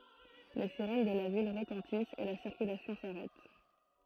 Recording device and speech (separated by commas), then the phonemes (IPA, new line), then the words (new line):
throat microphone, read sentence
le siʁɛn də la vil ʁətɑ̃tist e la siʁkylasjɔ̃ saʁɛt
Les sirènes de la ville retentissent et la circulation s'arrête.